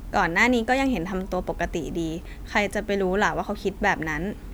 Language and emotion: Thai, neutral